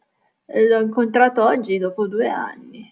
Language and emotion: Italian, disgusted